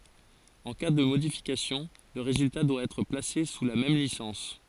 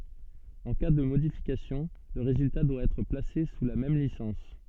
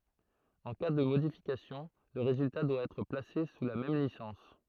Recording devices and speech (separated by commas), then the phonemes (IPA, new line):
forehead accelerometer, soft in-ear microphone, throat microphone, read sentence
ɑ̃ ka də modifikasjɔ̃ lə ʁezylta dwa ɛtʁ plase su la mɛm lisɑ̃s